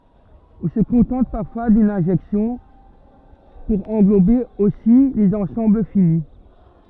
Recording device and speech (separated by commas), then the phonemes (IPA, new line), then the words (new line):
rigid in-ear microphone, read sentence
ɔ̃ sə kɔ̃tɑ̃t paʁfwa dyn ɛ̃ʒɛksjɔ̃ puʁ ɑ̃ɡlobe osi lez ɑ̃sɑ̃bl fini
On se contente parfois d'une injection pour englober aussi les ensembles finis.